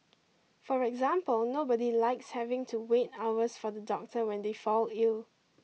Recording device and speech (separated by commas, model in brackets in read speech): mobile phone (iPhone 6), read sentence